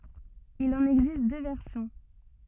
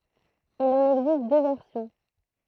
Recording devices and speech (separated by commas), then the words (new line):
soft in-ear microphone, throat microphone, read sentence
Il en existe deux versions.